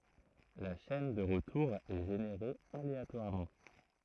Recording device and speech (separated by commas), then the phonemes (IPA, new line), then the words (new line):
throat microphone, read sentence
la ʃɛn də ʁətuʁ ɛ ʒeneʁe aleatwaʁmɑ̃
La chaîne de retour est générée aléatoirement.